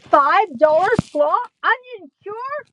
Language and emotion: English, fearful